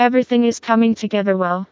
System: TTS, vocoder